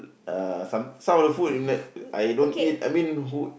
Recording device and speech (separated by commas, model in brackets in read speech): boundary microphone, conversation in the same room